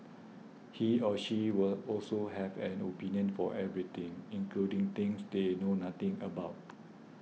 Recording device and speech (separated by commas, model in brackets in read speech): mobile phone (iPhone 6), read sentence